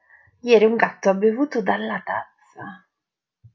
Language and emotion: Italian, surprised